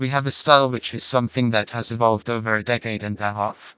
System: TTS, vocoder